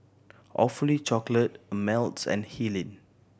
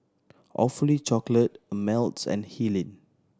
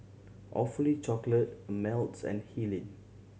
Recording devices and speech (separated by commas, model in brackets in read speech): boundary microphone (BM630), standing microphone (AKG C214), mobile phone (Samsung C7100), read sentence